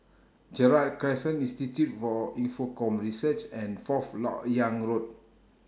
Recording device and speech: standing microphone (AKG C214), read sentence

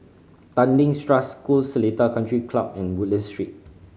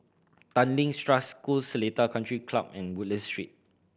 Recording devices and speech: mobile phone (Samsung C5010), boundary microphone (BM630), read sentence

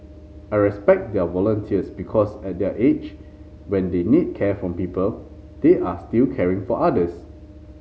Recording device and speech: mobile phone (Samsung C5010), read sentence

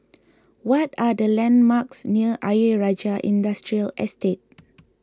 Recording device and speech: close-talking microphone (WH20), read sentence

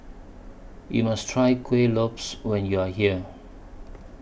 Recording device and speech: boundary microphone (BM630), read sentence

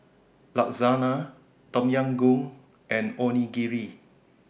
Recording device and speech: boundary microphone (BM630), read sentence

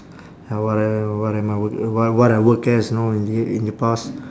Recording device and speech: standing microphone, conversation in separate rooms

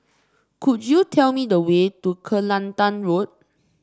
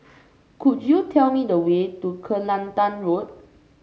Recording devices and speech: standing microphone (AKG C214), mobile phone (Samsung C5), read sentence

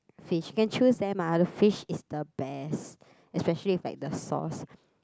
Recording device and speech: close-talking microphone, conversation in the same room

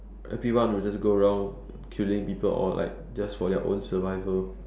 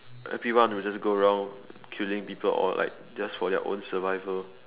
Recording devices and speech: standing microphone, telephone, conversation in separate rooms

